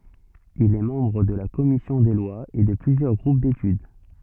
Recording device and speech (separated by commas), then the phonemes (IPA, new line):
soft in-ear microphone, read sentence
il ɛ mɑ̃bʁ də la kɔmisjɔ̃ de lwaz e də plyzjœʁ ɡʁup detyd